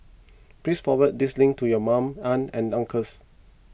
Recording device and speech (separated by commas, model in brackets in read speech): boundary microphone (BM630), read sentence